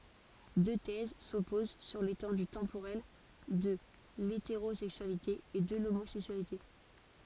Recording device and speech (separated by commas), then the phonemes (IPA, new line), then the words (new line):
forehead accelerometer, read sentence
dø tɛz sɔpoz syʁ letɑ̃dy tɑ̃poʁɛl də leteʁozɛksyalite e də lomozɛksyalite
Deux thèses s’opposent sur l’étendue temporelle de l’hétérosexualité et de l’homosexualité.